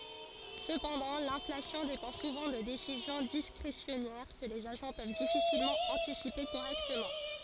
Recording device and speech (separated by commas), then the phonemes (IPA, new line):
forehead accelerometer, read sentence
səpɑ̃dɑ̃ lɛ̃flasjɔ̃ depɑ̃ suvɑ̃ də desizjɔ̃ diskʁesjɔnɛʁ kə lez aʒɑ̃ pøv difisilmɑ̃ ɑ̃tisipe koʁɛktəmɑ̃